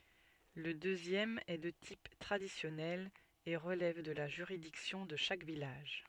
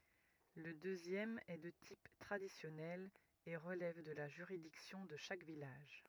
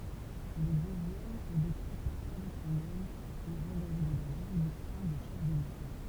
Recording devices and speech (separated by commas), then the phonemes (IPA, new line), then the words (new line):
soft in-ear microphone, rigid in-ear microphone, temple vibration pickup, read sentence
lə døzjɛm ɛ də tip tʁadisjɔnɛl e ʁəlɛv də la ʒyʁidiksjɔ̃ də ʃak vilaʒ
Le deuxième est de type traditionnel et relève de la juridiction de chaque village.